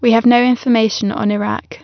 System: none